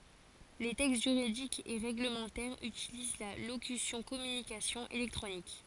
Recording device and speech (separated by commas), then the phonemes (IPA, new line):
forehead accelerometer, read sentence
le tɛkst ʒyʁidikz e ʁeɡləmɑ̃tɛʁz ytiliz la lokysjɔ̃ kɔmynikasjɔ̃z elɛktʁonik